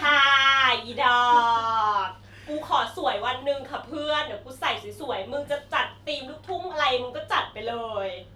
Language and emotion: Thai, happy